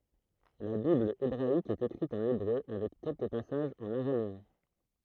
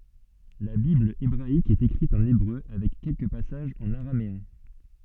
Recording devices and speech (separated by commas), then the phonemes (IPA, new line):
throat microphone, soft in-ear microphone, read sentence
la bibl ebʁaik ɛt ekʁit ɑ̃n ebʁø avɛk kɛlkə pasaʒz ɑ̃n aʁameɛ̃